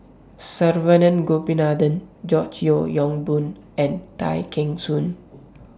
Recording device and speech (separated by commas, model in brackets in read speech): standing microphone (AKG C214), read sentence